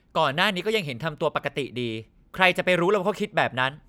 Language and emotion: Thai, frustrated